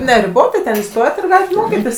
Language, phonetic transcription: Lithuanian, neriˈbotai ten įˈstojat ir ˈgalit ˈmokitis

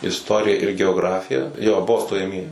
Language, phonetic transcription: Lithuanian, isˈtorija ir geoˈgrafija jo ˈbuvo stojaˈmieji

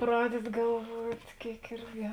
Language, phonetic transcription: Lithuanian, ˈpradedi galˈvuot' ˈkėik ˈirgi

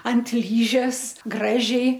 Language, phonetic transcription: Lithuanian, ant ˈlyžes ˈgražiai

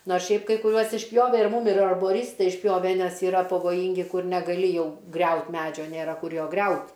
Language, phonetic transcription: Lithuanian, ˈnors ˈšiaip kai kuˈriuos išˈpjove ir ˈmūm ir arboˈrystai išˈpjove ˈnes yˈra pavoˈjyngi ˈkur negaˈli ˈjau ˈgriaut ˈmedžio ˈnėra ˈkur ˈjo ˈgriaut'

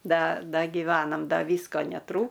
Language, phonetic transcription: Lithuanian, ˈda ˈda giˈvenam ˈda ˈvysko neˈtrū

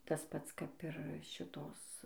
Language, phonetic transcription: Lithuanian, ˈtas ˈpats kap ir ˈšitos

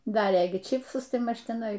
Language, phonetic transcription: Lithuanian, ˈdarė ˈgi ˈčipsus ˈtai ˈmaž tiˈnai

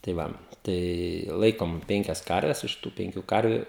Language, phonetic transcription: Lithuanian, tai ˈva ˈtai ˈlaikom ˈpenkias ˈkarves ˈiš tų ˈpenkiu ˈkarviu

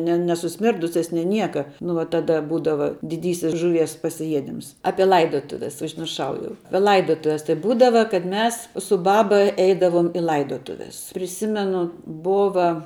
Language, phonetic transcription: Lithuanian, ne nesuˈsmirdusias nė ˈnieka nu va taˈda ˈbūdava diˈdysis žuˈvies pasiˈjiedims ˈapie ˈlaidotuves užmirˈšau jau ˈapie ˈlaidotuves tai ˈbūdava kad ˈmes su ˈbaba ˈeidavom i ˈlaidotuves priˈsimenu ˈbova

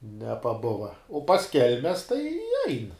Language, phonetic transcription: Lithuanian, nepaˈbuva o pas ˈkelmes tai ein

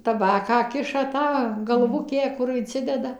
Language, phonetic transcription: Lithuanian, taˈbaką ˈkiša ˈtą galˈvukę ˈkur inˈcideda

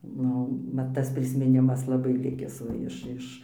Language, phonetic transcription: Lithuanian, ˈnu ˈmat tas prismiˈnimas laˈbai ˈlikis ˈva iš ˈiš

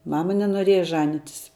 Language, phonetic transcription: Lithuanian, ˈmama nenoˈrieja ˈžanitis

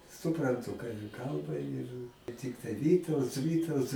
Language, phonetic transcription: Lithuanian, supranˈtu ką jie ˈkalba ir ˈtiktai ˈvytauts ˈvytauts

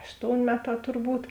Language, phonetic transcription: Lithuanian, ˈaštoun' ˈmeˌtā turˈbūt

